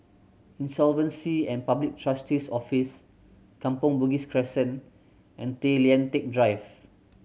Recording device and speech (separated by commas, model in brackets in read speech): mobile phone (Samsung C7100), read sentence